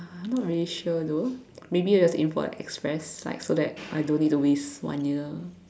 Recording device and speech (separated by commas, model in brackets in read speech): standing microphone, conversation in separate rooms